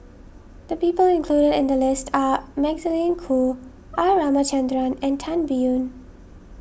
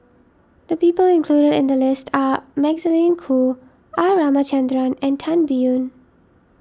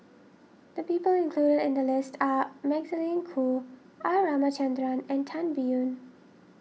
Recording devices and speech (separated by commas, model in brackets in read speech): boundary microphone (BM630), standing microphone (AKG C214), mobile phone (iPhone 6), read sentence